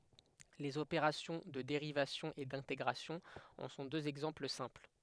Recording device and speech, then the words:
headset microphone, read sentence
Les opérations de dérivation et d'intégration en sont deux exemples simples.

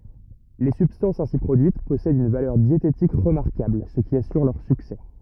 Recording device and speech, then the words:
rigid in-ear microphone, read sentence
Les substances ainsi produites possèdent une valeur diététique remarquable, ce qui assure leur succès.

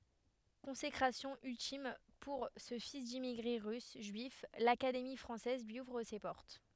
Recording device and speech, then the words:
headset microphone, read sentence
Consécration ultime pour ce fils d’immigrés russes juifs, l’Académie française lui ouvre ses portes.

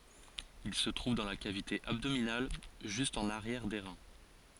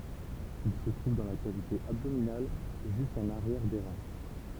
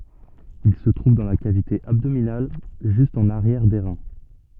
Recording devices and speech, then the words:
forehead accelerometer, temple vibration pickup, soft in-ear microphone, read sentence
Ils se trouvent dans la cavité abdominale, juste en arrière des reins.

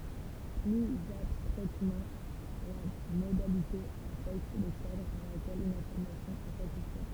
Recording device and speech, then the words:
temple vibration pickup, read sentence
Plus abstraitement, la modalité affecte le cadre dans lequel une affirmation est satisfaite.

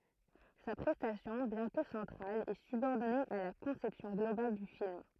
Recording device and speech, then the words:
throat microphone, read sentence
Sa prestation, bien que centrale, est subordonnée à la conception globale du film.

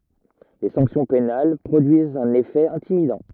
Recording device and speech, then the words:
rigid in-ear microphone, read sentence
Les sanctions pénales produisent un effet intimidant.

